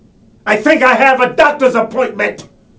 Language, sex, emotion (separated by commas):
English, male, angry